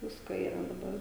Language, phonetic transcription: Lithuanian, ˈvisko yˈra daˈbar

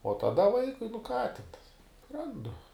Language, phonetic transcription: Lithuanian, o taˈda ˈvaikui nu ką tin ˈrandu

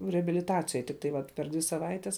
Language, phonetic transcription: Lithuanian, reabiliˈtacijoj tik tai ˈvat per ˈdvi saˈvaites

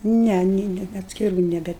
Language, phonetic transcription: Lithuanian, ˈne nė ˈne atskiˈrų neˈbe

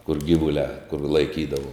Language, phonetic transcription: Lithuanian, kur ˈgyvuliā kur laiˈkydavu

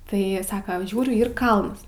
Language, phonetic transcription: Lithuanian, ˈtai ˈsaka ˈžiūriu ˈyr ˈkalns

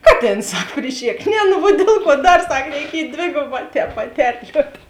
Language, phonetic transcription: Lithuanian, ˈkaˌtėns ˈsak priˈšėk ˈne nu vuo ˈdiel ˌkuo ˈdar ˈsak reiˈkiej ˈdvėgoˌbā ˈtēp paˈterliuot

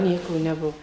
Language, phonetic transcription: Lithuanian, ˈnieko neˈbuo

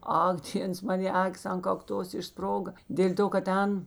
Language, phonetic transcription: Lithuanian, ˈak ˈdėns ˈmanė ˈakis an kakˈtos išˈsproga ˈdėl' to kad ˈten

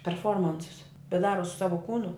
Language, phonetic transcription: Lithuanian, perˈformansus bet ˈdaro su ˈsavo ˈkūnu

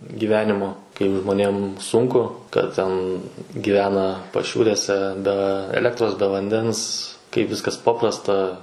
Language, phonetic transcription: Lithuanian, giˈvenimo kaip žmoˈnėm ˈsunku kad ˈten giˈvena paˈšiūrėse be ˈelektros be vanˈdens kaip ˈviskas ˈpaprasta

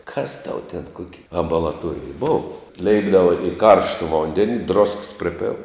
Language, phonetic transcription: Lithuanian, kas tau ten ˈkuoki ambalaˈtuorij ˈbova ˈleipdava i ˈkaršta ˈvondeni drosks ˈpripėl

